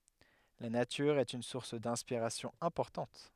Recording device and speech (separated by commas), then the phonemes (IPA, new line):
headset microphone, read sentence
la natyʁ ɛt yn suʁs dɛ̃spiʁasjɔ̃ ɛ̃pɔʁtɑ̃t